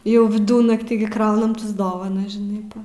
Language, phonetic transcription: Lithuanian, ˈjau viˈdunaktį gi ˈkraunm tas ˈdovanas žiˈnai ˈpa

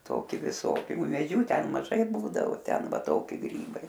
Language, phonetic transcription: Lithuanian, ˈtoki viˈsoki umėˈdžių ˈten maˈžai ˈbūdavo ˈten ˈva ˈtoki ˈgrybai

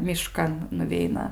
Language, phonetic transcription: Lithuanian, miˈškan nuˈveina

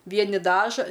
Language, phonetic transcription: Lithuanian, ˈvieni ˈdaža

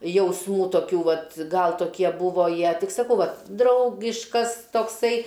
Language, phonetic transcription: Lithuanian, jausˈmų toˈkių ˈvat ˈgal toˈkie ˈbūvo ˈjie ˈtik saˈkau ˈvat ˈdraugiškas tokˈsai

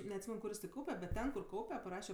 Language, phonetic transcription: Lithuanian, neatˈsymen ˈkur jis ten ˈkaupe bet ˈten kur ˈkaupe paˈraše

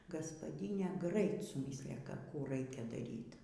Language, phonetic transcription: Lithuanian, gaspaˈdynė ˈgrait suˈmyslija ˈką ˈkų ˈraikia daˈryt

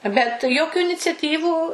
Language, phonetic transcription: Lithuanian, bet ˈjokiu iniciaˈtyvų

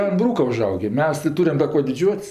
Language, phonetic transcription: Lithuanian, an ˈbrūka uˈžaugė ˈmes tɜ ˈtūriam da ˈkuo diˈdžiuot's'

